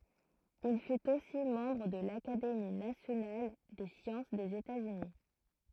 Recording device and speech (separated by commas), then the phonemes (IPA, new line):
throat microphone, read sentence
il fyt osi mɑ̃bʁ də lakademi nasjonal de sjɑ̃s dez etatsyni